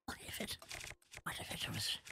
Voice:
Quietly, Nasally